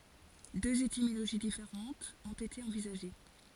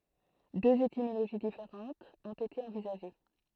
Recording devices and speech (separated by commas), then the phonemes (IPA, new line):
forehead accelerometer, throat microphone, read sentence
døz etimoloʒi difeʁɑ̃tz ɔ̃t ete ɑ̃vizaʒe